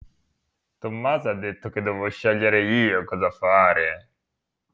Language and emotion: Italian, disgusted